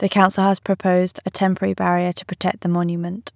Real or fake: real